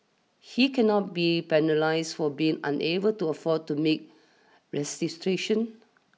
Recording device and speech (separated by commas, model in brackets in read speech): mobile phone (iPhone 6), read sentence